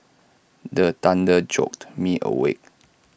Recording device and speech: boundary microphone (BM630), read sentence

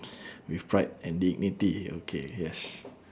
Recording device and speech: standing microphone, conversation in separate rooms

